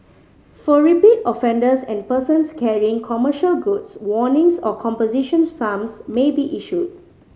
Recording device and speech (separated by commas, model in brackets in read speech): mobile phone (Samsung C5010), read sentence